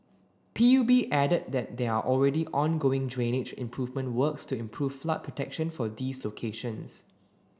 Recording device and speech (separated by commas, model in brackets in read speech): standing microphone (AKG C214), read sentence